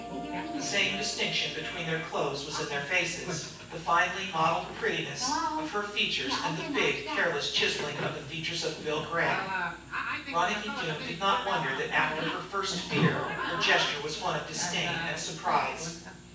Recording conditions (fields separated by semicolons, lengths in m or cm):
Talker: one person; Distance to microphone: 9.8 m; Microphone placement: far; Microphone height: 1.8 m; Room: large; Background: television